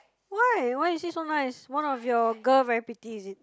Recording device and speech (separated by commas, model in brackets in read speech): close-talking microphone, conversation in the same room